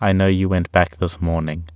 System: none